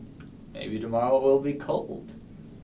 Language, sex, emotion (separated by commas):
English, male, neutral